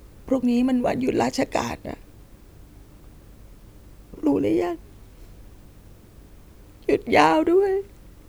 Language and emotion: Thai, sad